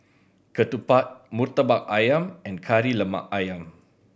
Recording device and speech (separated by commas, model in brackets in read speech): boundary microphone (BM630), read sentence